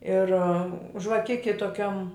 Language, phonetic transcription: Lithuanian, ir žvaˈkiki toˈkiam

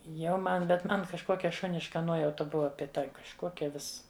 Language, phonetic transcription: Lithuanian, jau ˈman bet ˈman kažˈkokia ˈšuniška ˈnuojauta ˈbuva bėˈda kažˈkuokia ˈvis

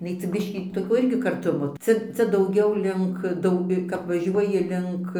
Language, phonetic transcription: Lithuanian, iˈnai cia ˈbiškį toˈkio ˈirgi karˈtumo ˈcia ˈcia dauˈgiau ˈlink ˈdau kap vaˈžiuoji ˈlink

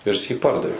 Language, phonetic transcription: Lithuanian, ir jis jį ˈpardavė

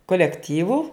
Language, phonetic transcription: Lithuanian, kolekˈtyvu

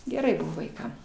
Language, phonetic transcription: Lithuanian, geˈrai ˈbuvo vaiˈkam

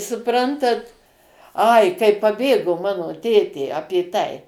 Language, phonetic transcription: Lithuanian, suˈprantat ˈai kai paˈbėgo ˈmano ˈtėtė ˈapė ˈtai

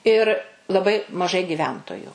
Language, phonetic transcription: Lithuanian, ir laˈbai maˈžai giˈventoju

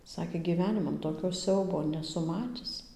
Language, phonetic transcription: Lithuanian, ˈsakė gyˈveniman toˈkio ˈsiaubo neˈsu ˈmatis

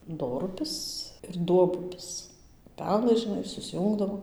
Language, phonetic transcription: Lithuanian, ˈdorupis ir ˈduobupis uˈpelɘs žiˈnai susˈjūngdavo

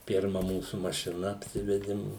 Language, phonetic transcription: Lithuanian, ˈpirma ˈmūsu mašiˈna apˈsivedim

